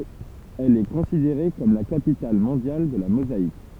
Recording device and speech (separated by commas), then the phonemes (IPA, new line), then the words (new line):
temple vibration pickup, read sentence
ɛl ɛ kɔ̃sideʁe kɔm la kapital mɔ̃djal də la mozaik
Elle est considérée comme la capitale mondiale de la mosaïque.